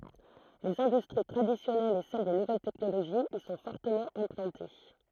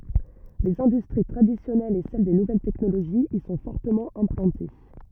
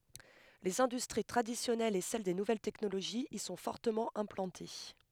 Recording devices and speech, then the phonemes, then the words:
throat microphone, rigid in-ear microphone, headset microphone, read sentence
lez ɛ̃dystʁi tʁadisjɔnɛlz e sɛl de nuvɛl tɛknoloʒiz i sɔ̃ fɔʁtəmɑ̃ ɛ̃plɑ̃te
Les industries traditionnelles et celles des nouvelles technologies y sont fortement implantées.

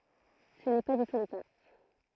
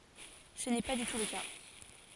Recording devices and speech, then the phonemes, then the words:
throat microphone, forehead accelerometer, read sentence
sə nɛ pa dy tu lə ka
Ce n'est pas du tout le cas.

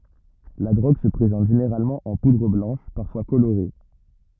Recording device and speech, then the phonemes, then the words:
rigid in-ear microphone, read sentence
la dʁoɡ sə pʁezɑ̃t ʒeneʁalmɑ̃ ɑ̃ pudʁ blɑ̃ʃ paʁfwa koloʁe
La drogue se présente généralement en poudre blanche, parfois colorée.

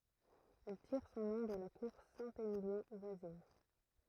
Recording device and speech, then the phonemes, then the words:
throat microphone, read sentence
ɛl tiʁ sɔ̃ nɔ̃ də la kuʁ sɛ̃temiljɔ̃ vwazin
Elle tire son nom de la cour Saint-Émilion voisine.

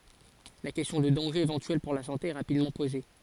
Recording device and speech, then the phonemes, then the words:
forehead accelerometer, read sentence
la kɛstjɔ̃ də dɑ̃ʒez evɑ̃tyɛl puʁ la sɑ̃te ɛ ʁapidmɑ̃ poze
La question de dangers éventuels pour la santé est rapidement posée.

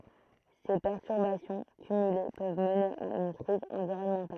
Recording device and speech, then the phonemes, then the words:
throat microphone, read sentence
se pɛʁtyʁbasjɔ̃ kymyle pøv məne a yn kʁiz ɑ̃viʁɔnmɑ̃tal
Ces perturbations cumulées peuvent mener à une crise environnementale.

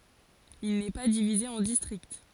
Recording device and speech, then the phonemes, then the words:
forehead accelerometer, read sentence
il nɛ pa divize ɑ̃ distʁikt
Il n'est pas divisé en districts.

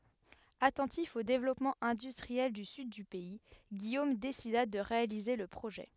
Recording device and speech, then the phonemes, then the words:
headset microphone, read sentence
atɑ̃tif o devlɔpmɑ̃ ɛ̃dystʁiɛl dy syd dy pɛi ɡijom desida də ʁealize lə pʁoʒɛ
Attentif au développement industriel du sud du pays, Guillaume décida de réaliser le projet.

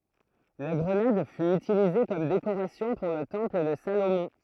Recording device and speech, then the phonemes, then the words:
throat microphone, read sentence
la ɡʁənad fy ytilize kɔm dekoʁasjɔ̃ puʁ lə tɑ̃pl də salomɔ̃
La grenade fut utilisée comme décoration pour le temple de Salomon.

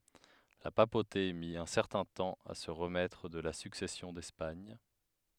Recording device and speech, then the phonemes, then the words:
headset microphone, read sentence
la papote mi œ̃ sɛʁtɛ̃ tɑ̃ a sə ʁəmɛtʁ də la syksɛsjɔ̃ dɛspaɲ
La papauté mit un certain temps à se remettre de la Succession d'Espagne.

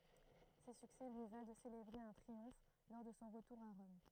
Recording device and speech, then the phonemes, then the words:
throat microphone, read sentence
se syksɛ lyi val də selebʁe œ̃ tʁiɔ̃f lɔʁ də sɔ̃ ʁətuʁ a ʁɔm
Ces succès lui valent de célébrer un triomphe lors de son retour à Rome.

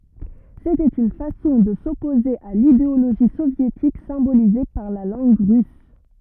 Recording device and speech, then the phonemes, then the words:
rigid in-ear microphone, read sentence
setɛt yn fasɔ̃ də sɔpoze a lideoloʒi sovjetik sɛ̃bolize paʁ la lɑ̃ɡ ʁys
C’était une façon de s’opposer à l’idéologie soviétique, symbolisée par la langue russe.

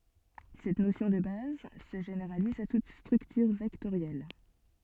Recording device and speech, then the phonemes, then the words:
soft in-ear microphone, read sentence
sɛt nosjɔ̃ də baz sə ʒeneʁaliz a tut stʁyktyʁ vɛktoʁjɛl
Cette notion de base se généralise à toute structure vectorielle.

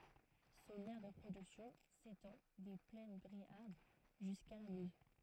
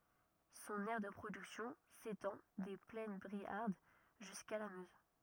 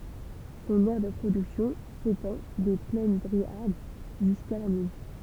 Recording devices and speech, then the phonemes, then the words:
throat microphone, rigid in-ear microphone, temple vibration pickup, read sentence
sɔ̃n ɛʁ də pʁodyksjɔ̃ setɑ̃ de plɛn bʁiaʁd ʒyska la møz
Son aire de production s'étend des plaines briardes jusqu'à la Meuse.

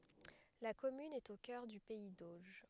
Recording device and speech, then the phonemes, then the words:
headset microphone, read sentence
la kɔmyn ɛt o kœʁ dy pɛi doʒ
La commune est au cœur du pays d'Auge.

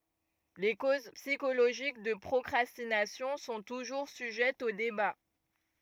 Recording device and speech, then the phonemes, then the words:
rigid in-ear microphone, read sentence
le koz psikoloʒik də pʁɔkʁastinasjɔ̃ sɔ̃ tuʒuʁ syʒɛtz o deba
Les causes psychologiques de procrastination sont toujours sujettes aux débats.

